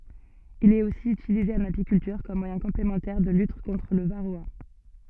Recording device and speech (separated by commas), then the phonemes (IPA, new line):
soft in-ear microphone, read sentence
il ɛt osi ytilize ɑ̃n apikyltyʁ kɔm mwajɛ̃ kɔ̃plemɑ̃tɛʁ də lyt kɔ̃tʁ lə vaʁoa